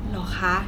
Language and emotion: Thai, neutral